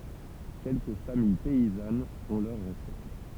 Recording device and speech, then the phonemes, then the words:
temple vibration pickup, read sentence
kɛlkə famij pɛizanz ɔ̃ lœʁ ʁəsɛt
Quelques familles paysannes ont leur recette.

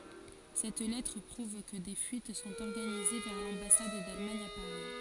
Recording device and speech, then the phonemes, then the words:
forehead accelerometer, read sentence
sɛt lɛtʁ pʁuv kə de fyit sɔ̃t ɔʁɡanize vɛʁ lɑ̃basad dalmaɲ a paʁi
Cette lettre prouve que des fuites sont organisées vers l'ambassade d'Allemagne à Paris.

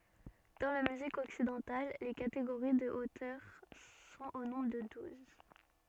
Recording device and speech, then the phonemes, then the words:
soft in-ear microphone, read sentence
dɑ̃ la myzik ɔksidɑ̃tal le kateɡoʁi də otœʁ sɔ̃t o nɔ̃bʁ də duz
Dans la musique occidentale, les catégories de hauteurs sont au nombre de douze.

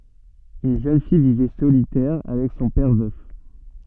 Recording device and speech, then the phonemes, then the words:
soft in-ear microphone, read sentence
yn ʒøn fij vivɛ solitɛʁ avɛk sɔ̃ pɛʁ vœf
Une jeune fille vivait solitaire avec son père, veuf.

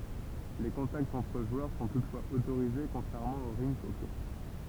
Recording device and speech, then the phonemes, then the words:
temple vibration pickup, read sentence
le kɔ̃taktz ɑ̃tʁ ʒwœʁ sɔ̃ tutfwaz otoʁize kɔ̃tʁɛʁmɑ̃ o ʁink ɔkɛ
Les contacts entre joueurs sont toutefois autorisés, contrairement au rink hockey.

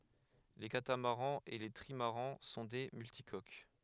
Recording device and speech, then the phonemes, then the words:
headset microphone, read sentence
le katamaʁɑ̃z e le tʁimaʁɑ̃ sɔ̃ de myltikok
Les catamarans et les trimarans sont des multicoques.

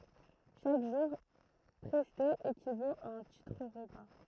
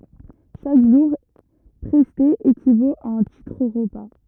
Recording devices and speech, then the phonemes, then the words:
throat microphone, rigid in-ear microphone, read sentence
ʃak ʒuʁ pʁɛste ekivot a œ̃ titʁ ʁəpa
Chaque jour presté équivaut à un titre-repas.

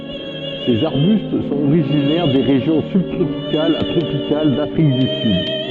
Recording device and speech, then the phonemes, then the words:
soft in-ear microphone, read sentence
sez aʁbyst sɔ̃t oʁiʒinɛʁ de ʁeʒjɔ̃ sybtʁopikalz a tʁopikal dafʁik dy syd
Ces arbustes sont originaires des régions sub-tropicales à tropicales d'Afrique du Sud.

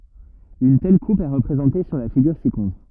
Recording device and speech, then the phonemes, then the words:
rigid in-ear microphone, read sentence
yn tɛl kup ɛ ʁəpʁezɑ̃te syʁ la fiɡyʁ sikɔ̃tʁ
Une telle coupe est représentée sur la figure ci-contre.

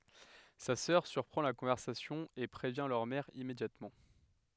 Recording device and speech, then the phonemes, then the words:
headset microphone, read sentence
sa sœʁ syʁpʁɑ̃ la kɔ̃vɛʁsasjɔ̃ e pʁevjɛ̃ lœʁ mɛʁ immedjatmɑ̃
Sa sœur surprend la conversation et prévient leur mère immédiatement.

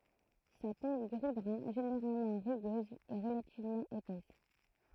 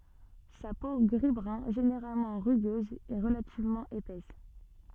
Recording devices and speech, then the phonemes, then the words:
throat microphone, soft in-ear microphone, read sentence
sa po ɡʁizbʁœ̃ ʒeneʁalmɑ̃ ʁyɡøz ɛ ʁəlativmɑ̃ epɛs
Sa peau gris-brun généralement rugueuse est relativement épaisse.

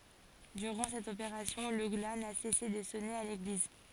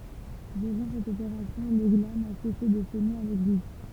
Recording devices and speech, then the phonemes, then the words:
forehead accelerometer, temple vibration pickup, read sentence
dyʁɑ̃ sɛt opeʁasjɔ̃ lə ɡla na sɛse də sɔne a leɡliz
Durant cette opération, le glas n'a cessé de sonner à l'église.

